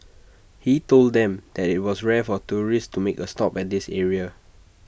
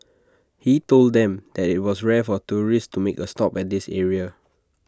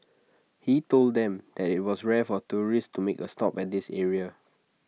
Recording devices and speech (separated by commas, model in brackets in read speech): boundary microphone (BM630), standing microphone (AKG C214), mobile phone (iPhone 6), read sentence